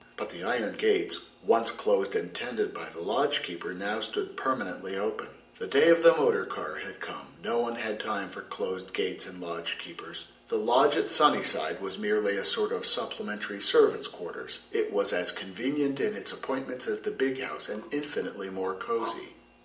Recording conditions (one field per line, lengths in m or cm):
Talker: one person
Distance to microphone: 1.8 m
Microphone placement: close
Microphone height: 1.0 m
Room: large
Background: none